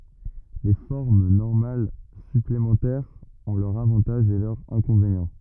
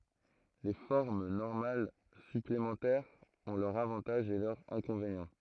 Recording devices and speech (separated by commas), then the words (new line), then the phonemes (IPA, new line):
rigid in-ear microphone, throat microphone, read sentence
Les formes normales supplémentaires ont leurs avantages et leurs inconvénients.
le fɔʁm nɔʁmal syplemɑ̃tɛʁz ɔ̃ lœʁz avɑ̃taʒz e lœʁz ɛ̃kɔ̃venjɑ̃